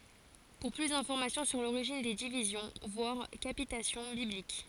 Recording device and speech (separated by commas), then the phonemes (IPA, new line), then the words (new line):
forehead accelerometer, read sentence
puʁ ply dɛ̃fɔʁmasjɔ̃ syʁ loʁiʒin de divizjɔ̃ vwaʁ kapitasjɔ̃ biblik
Pour plus d'informations sur l'origine des divisions, voir capitation biblique.